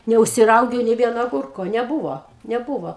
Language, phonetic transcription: Lithuanian, neužsiˈraugiau nė ˈvieno aˈgurko neˈbūvo neˈbūvo

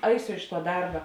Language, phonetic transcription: Lithuanian, ˈaisiu iš tuo ˈdarba

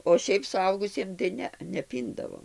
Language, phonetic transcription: Lithuanian, o ˈšiaip suˈaugusiem tai ˈne neˈpyndavo

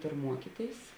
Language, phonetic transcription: Lithuanian, ˈtur ˈmuokyˌtėis

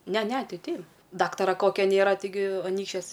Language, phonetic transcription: Lithuanian, ˈne ˈne ˈtai ˈtei ˈdaktara ˈkokia ˈnėra tiˈgi ˈanykščiuos

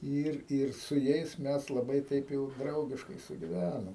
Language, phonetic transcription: Lithuanian, ˈir ir su ˈjais ˈmes laˈbai ˈtaip jau ˈdraugiškai sugiˈvænom

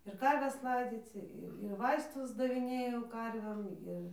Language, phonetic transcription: Lithuanian, ir ˈkarves ˈlaidzyc ir ir ˈvaistus daviˈnėjau ˈkarvėm ˈir

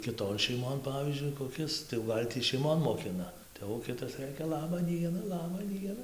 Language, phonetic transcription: Lithuanian, kiˈton šeiˈmon ˈpavyzdžiui koˈkis tai jau ˈgal' tį šeiˈmon moˈkina tai jau ˈkitas ˈrɘkia ˈlaba ˈdiena ˈlaba ˈdiena

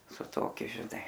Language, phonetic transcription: Lithuanian, su ˈtokiu žiˈnai

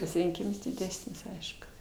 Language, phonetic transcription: Lithuanian, pasirinˈkyms diˈdesnis ˈaišku

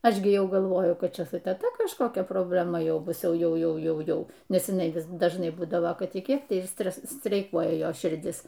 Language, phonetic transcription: Lithuanian, ˈaš gi ˈjau galˈvoju ˈkad ˈčia su teˈta kažkoˈkia probleˈma ˈjau ˈbus ˈjau ˈjau ˈjau ˈjau nes iˈnai vis dažˈnai ˈbūdavo ˈkad i ˈkiek tai ir ˈstres streiˈkuoja ˈjos širˈdis

